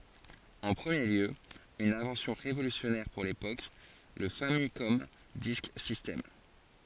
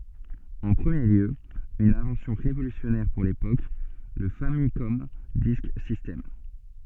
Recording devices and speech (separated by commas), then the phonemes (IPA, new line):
forehead accelerometer, soft in-ear microphone, read sentence
ɑ̃ pʁəmje ljø yn ɛ̃vɑ̃sjɔ̃ ʁevolysjɔnɛʁ puʁ lepok lə famikɔm disk sistɛm